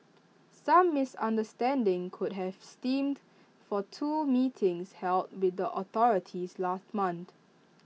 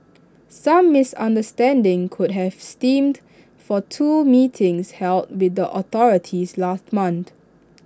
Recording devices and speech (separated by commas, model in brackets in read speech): mobile phone (iPhone 6), standing microphone (AKG C214), read sentence